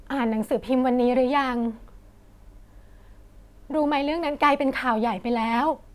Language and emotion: Thai, frustrated